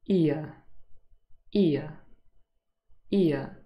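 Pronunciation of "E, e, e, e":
Each repetition is one diphthong that glides smoothly from an i sound into the schwa, and it is heard as one long vowel sound.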